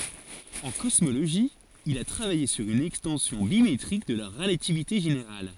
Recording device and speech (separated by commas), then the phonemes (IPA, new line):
forehead accelerometer, read sentence
ɑ̃ kɔsmoloʒi il a tʁavaje syʁ yn ɛkstɑ̃sjɔ̃ bimetʁik də la ʁəlativite ʒeneʁal